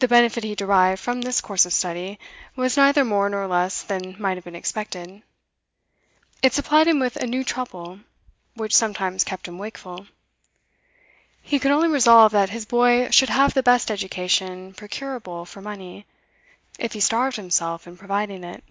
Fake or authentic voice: authentic